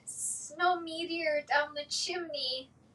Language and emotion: English, fearful